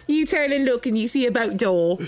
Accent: Cockney accent